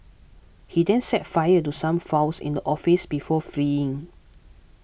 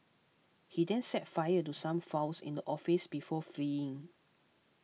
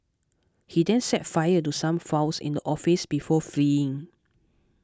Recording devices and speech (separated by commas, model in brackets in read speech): boundary microphone (BM630), mobile phone (iPhone 6), close-talking microphone (WH20), read sentence